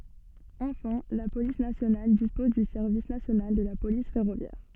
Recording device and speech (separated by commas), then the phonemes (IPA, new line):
soft in-ear microphone, read sentence
ɑ̃fɛ̃ la polis nasjonal dispɔz dy sɛʁvis nasjonal də la polis fɛʁovjɛʁ